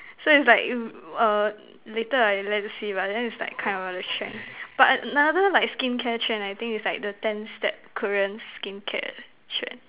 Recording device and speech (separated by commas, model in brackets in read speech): telephone, conversation in separate rooms